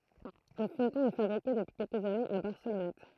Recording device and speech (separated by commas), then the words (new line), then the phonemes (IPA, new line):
throat microphone, read sentence
Le fumeton est fabriqué depuis quelques années à Barcelonnette.
lə fymtɔ̃ ɛ fabʁike dəpyi kɛlkəz anez a baʁsəlɔnɛt